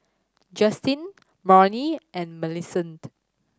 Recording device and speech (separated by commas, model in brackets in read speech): standing microphone (AKG C214), read sentence